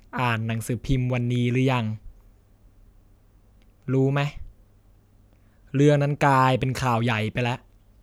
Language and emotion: Thai, frustrated